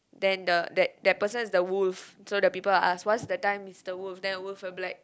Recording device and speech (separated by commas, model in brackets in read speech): close-talking microphone, conversation in the same room